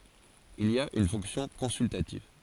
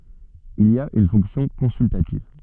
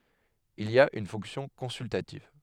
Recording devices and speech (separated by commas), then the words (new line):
forehead accelerometer, soft in-ear microphone, headset microphone, read sentence
Il a une fonction consultative.